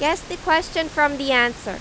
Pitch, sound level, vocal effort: 305 Hz, 92 dB SPL, loud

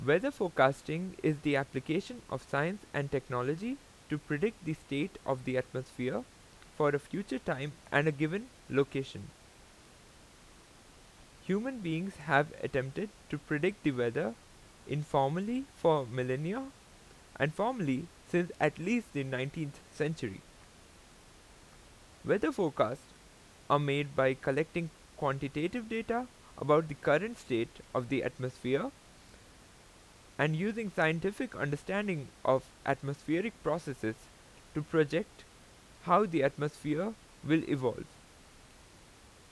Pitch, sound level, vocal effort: 150 Hz, 87 dB SPL, loud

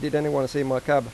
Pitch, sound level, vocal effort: 145 Hz, 90 dB SPL, normal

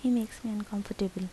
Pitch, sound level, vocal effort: 215 Hz, 75 dB SPL, soft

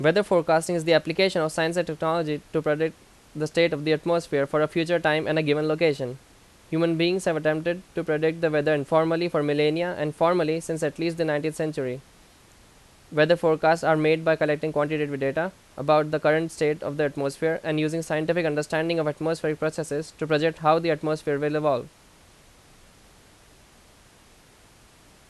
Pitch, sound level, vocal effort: 155 Hz, 87 dB SPL, very loud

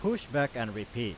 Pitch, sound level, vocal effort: 120 Hz, 92 dB SPL, very loud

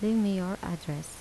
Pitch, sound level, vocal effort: 185 Hz, 78 dB SPL, soft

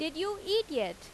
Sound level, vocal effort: 90 dB SPL, very loud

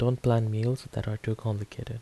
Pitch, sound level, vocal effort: 115 Hz, 77 dB SPL, soft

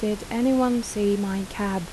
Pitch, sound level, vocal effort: 210 Hz, 82 dB SPL, soft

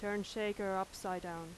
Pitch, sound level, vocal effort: 190 Hz, 87 dB SPL, very loud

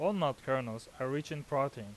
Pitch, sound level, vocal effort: 135 Hz, 91 dB SPL, normal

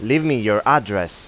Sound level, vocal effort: 94 dB SPL, loud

